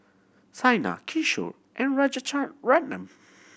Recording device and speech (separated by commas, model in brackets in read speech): boundary microphone (BM630), read sentence